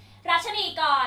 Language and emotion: Thai, angry